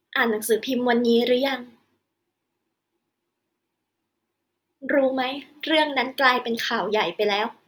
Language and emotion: Thai, sad